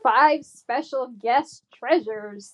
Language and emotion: English, disgusted